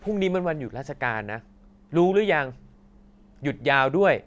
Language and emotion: Thai, neutral